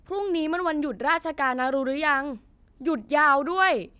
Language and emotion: Thai, frustrated